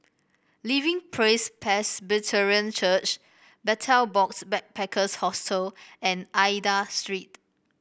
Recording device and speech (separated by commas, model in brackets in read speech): boundary microphone (BM630), read sentence